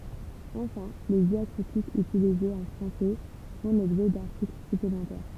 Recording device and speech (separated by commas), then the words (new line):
temple vibration pickup, read sentence
Enfin, les diacritiques utilisés en français font l'objet d'articles supplémentaires.